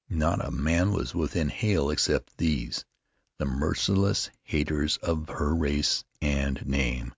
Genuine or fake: genuine